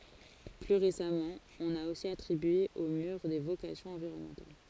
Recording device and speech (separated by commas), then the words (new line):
forehead accelerometer, read sentence
Plus récemment, on a aussi attribué au mur des vocations environnementales.